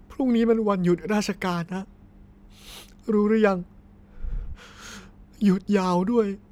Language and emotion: Thai, sad